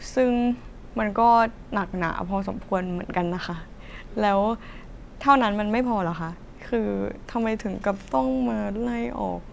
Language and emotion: Thai, sad